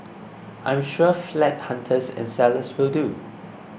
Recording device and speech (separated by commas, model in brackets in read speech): boundary microphone (BM630), read sentence